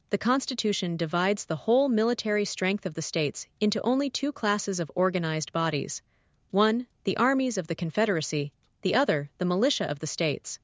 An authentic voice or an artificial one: artificial